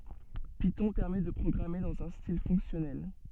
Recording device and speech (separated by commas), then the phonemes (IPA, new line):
soft in-ear microphone, read sentence
pitɔ̃ pɛʁmɛ də pʁɔɡʁame dɑ̃z œ̃ stil fɔ̃ksjɔnɛl